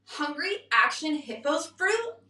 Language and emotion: English, disgusted